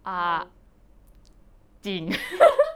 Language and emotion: Thai, happy